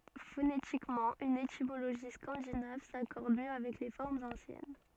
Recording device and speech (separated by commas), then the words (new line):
soft in-ear microphone, read sentence
Phonétiquement une étymologie scandinave s'accorde mieux avec les formes anciennes.